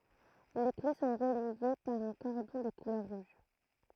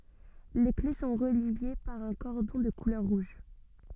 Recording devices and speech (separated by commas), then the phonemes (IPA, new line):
throat microphone, soft in-ear microphone, read sentence
le kle sɔ̃ ʁəlje paʁ œ̃ kɔʁdɔ̃ də kulœʁ ʁuʒ